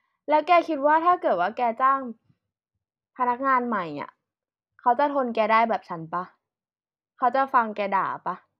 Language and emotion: Thai, frustrated